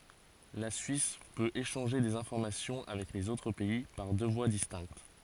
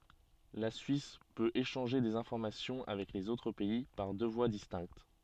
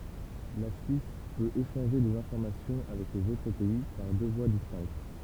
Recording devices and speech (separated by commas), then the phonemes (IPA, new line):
forehead accelerometer, soft in-ear microphone, temple vibration pickup, read sentence
la syis pøt eʃɑ̃ʒe dez ɛ̃fɔʁmasjɔ̃ avɛk lez otʁ pɛi paʁ dø vwa distɛ̃kt